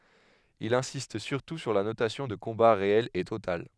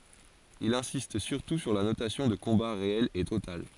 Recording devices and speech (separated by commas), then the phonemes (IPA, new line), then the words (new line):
headset microphone, forehead accelerometer, read sentence
il ɛ̃sist syʁtu syʁ la nosjɔ̃ də kɔ̃ba ʁeɛl e total
Il insiste surtout sur la notion de combat réel et total.